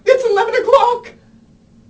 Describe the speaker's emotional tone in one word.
fearful